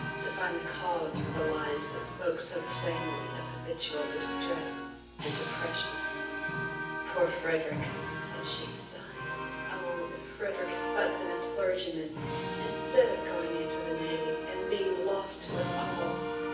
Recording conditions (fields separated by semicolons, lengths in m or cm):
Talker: one person; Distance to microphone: 9.8 m; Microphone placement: far; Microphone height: 1.8 m; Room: large; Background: music